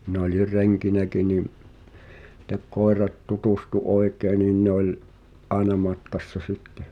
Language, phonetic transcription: Finnish, mi'n ‿oĺir "reŋkinäki ni’ , [sit]t̀ek koerat "tutustu 'oekèi̬ nin̆ 'ne ‿oĺ , "’aena 'matkassa "sittᴇ .
- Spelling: minä olin renkinäkin niin sitten koirat tutustui oikein niin ne oli aina matkassa sitten

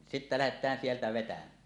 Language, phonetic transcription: Finnish, sittä lähet̀ään sieltä 'vetäm̀ää .
- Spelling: sitten lähdetään sieltä vetämään

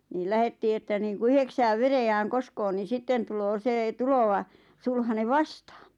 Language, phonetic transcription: Finnish, niil 'lähettii että niiŋku 'yheksääv 'verejääŋ "koskpo ni 'sitten tuloo 'see 'tulova , 'sulhane "vastᴀᴀɴ .
- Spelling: niin lähdettiin että niin kuin yhdeksään veräjään koska niin sitten tulee se tuleva sulhanen vastaan

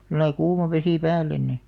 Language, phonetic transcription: Finnish, [s]illai 'kuuma vesì "päällen ni ..
- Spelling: sillä lailla kuuma vesi päälle niin

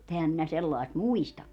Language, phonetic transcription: Finnish, [mu]'t ‿ehäm minä 'sellài̮st "muistakka .
- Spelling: mutta enhän minä sellaista muistakaan

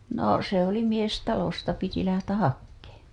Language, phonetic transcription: Finnish, no , se ‿oli 'mies 'talosta piti lähtäh "hakkeeᴺ .
- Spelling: no se oli mies talosta piti lähteä hakemaan

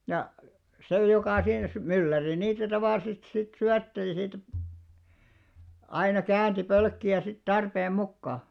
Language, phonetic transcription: Finnish, ja , 'sè jokà siinä si- , 'mylläri 'niitä tavàllisest sit 'syätteli siitä , aina 'käänti 'pölkki₍ä sit 'tarpeem 'mukka .
- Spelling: ja se joka siinä - mylläri niitä tavallisesti sitten syötteli siitä aina käänsi pölkkiä sitten tarpeen mukaan

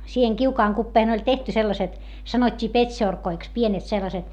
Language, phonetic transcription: Finnish, siiheŋ kiukaaŋ kuppeeʰᵉⁿ ‿oĺ tehty sellaset , sanot́t́ii pet́šorkoiks , pienet sellaset .
- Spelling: siihen kiukaan kupeeseen oli tehty sellaiset sanottiin petsorkoiksi pienet sellaiset

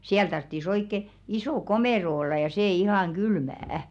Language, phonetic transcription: Finnish, 'siäl tarttis oikke , 'isò "komèro olla ja sè 'ihàŋ "ɢylmä₍ᵃ̈ .
- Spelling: siellä tarvitsisi oikein iso komero olla ja se ihan kylmä

